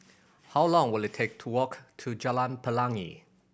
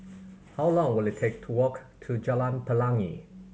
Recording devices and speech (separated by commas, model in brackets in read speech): boundary microphone (BM630), mobile phone (Samsung C7100), read sentence